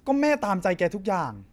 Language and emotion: Thai, frustrated